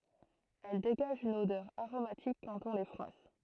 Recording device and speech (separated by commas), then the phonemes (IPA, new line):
throat microphone, read sentence
ɛl deɡaʒt yn odœʁ aʁomatik kɑ̃t ɔ̃ le fʁwas